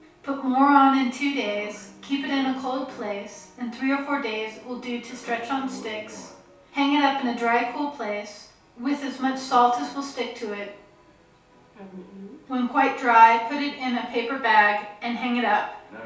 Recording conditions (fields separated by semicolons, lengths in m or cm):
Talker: one person; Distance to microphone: 3.0 m; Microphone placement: far; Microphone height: 1.8 m; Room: small (3.7 m by 2.7 m); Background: television